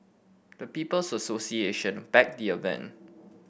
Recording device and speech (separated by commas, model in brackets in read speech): boundary microphone (BM630), read sentence